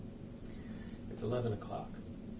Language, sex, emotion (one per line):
English
male
neutral